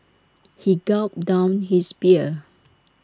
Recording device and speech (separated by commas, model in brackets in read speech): standing microphone (AKG C214), read sentence